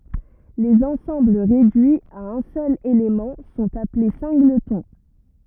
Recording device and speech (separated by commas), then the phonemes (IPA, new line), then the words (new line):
rigid in-ear microphone, read sentence
lez ɑ̃sɑ̃bl ʁedyiz a œ̃ sœl elemɑ̃ sɔ̃t aple sɛ̃ɡlətɔ̃
Les ensembles réduits à un seul élément sont appelés singletons.